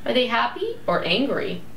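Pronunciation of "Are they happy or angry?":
'Are they happy or angry?' is said with a rising and falling intonation.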